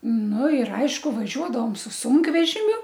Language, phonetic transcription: Lithuanian, ˈnu ir ˈaišku vaˈžiuodavom su ˈsūnkvežimiu

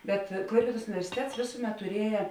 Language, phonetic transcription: Lithuanian, bet ˈklaipėdos universiˈtets ˈvėsuˌmet tuˈrieja

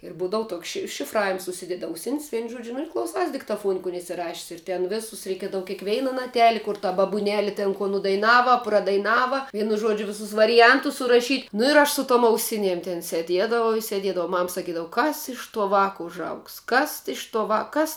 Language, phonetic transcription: Lithuanian, ir ˈbūdavu ˈtoks ši šifˈravims užˈsidedi auˈsin's' ˈvein ˈžuodžiu ir klauˈsais diktaˈfuon kun isiˈrašis ir ˈten ˈvėsus reiˈkiedava keiˈkveina naˈteli kur ta babuˈneli ˈten ko nudaiˈnava pradaiˈnava ˈvienu ˈžodžiu ˈvisus variˈjantus suraˈšyt' nu ir ˈaš su tom auˈsiniem ten seˈdiedavau i seˈdiedavau ˈmam saˈkydav ˈkas iš to ˈvāka užˈaugs ˈkas iš to ˈvā ˈkas

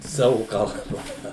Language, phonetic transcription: Lithuanian, ˈsavu kalˈba

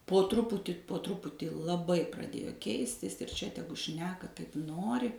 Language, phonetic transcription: Lithuanian, po ˈtruputį po ˈtruputį laˈbai praˈdėjo ˈkeistis ir ˈčia ˈtegu ˈšneka ˈkaip ˈnori

